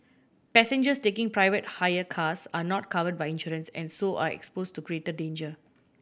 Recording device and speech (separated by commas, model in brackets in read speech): boundary microphone (BM630), read sentence